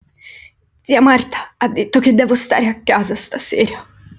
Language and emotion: Italian, sad